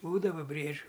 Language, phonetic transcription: Lithuanian, ˈbūdava ˈbriedžiu

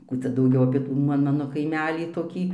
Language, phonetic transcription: Lithuanian, ˈkų cia dauˈgiau apie ˈtų ma ˈmano kaiˈmelį toˈkį

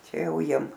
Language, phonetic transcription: Lithuanian, ˈčia ˈjau ˈjiem

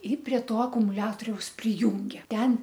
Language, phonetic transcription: Lithuanian, ˈi prie ˈto akumuˈliatoriaus priˈjūngė ˈten

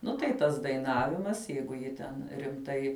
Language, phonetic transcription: Lithuanian, ˈnu tai ˈtas daiˈnavimas ˈjeigu ˈji ten rimˈtai

